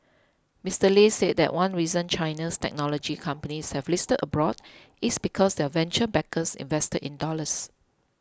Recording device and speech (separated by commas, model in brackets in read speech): close-talking microphone (WH20), read sentence